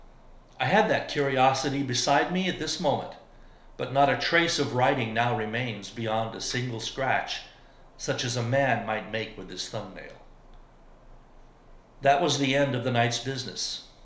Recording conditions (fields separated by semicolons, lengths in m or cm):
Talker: one person; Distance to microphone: 1.0 m; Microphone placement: close; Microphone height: 1.1 m; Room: small (3.7 m by 2.7 m); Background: none